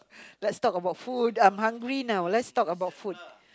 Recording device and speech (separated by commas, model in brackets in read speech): close-talking microphone, conversation in the same room